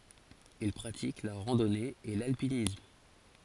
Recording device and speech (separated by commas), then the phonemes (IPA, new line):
forehead accelerometer, read sentence
il pʁatik la ʁɑ̃dɔne e lalpinism